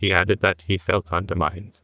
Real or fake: fake